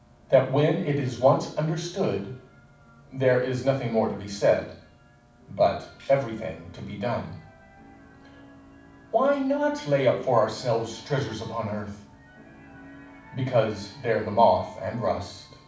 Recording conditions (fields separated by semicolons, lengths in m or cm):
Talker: one person; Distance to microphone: 5.8 m; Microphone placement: far; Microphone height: 1.8 m; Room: medium-sized (5.7 m by 4.0 m); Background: television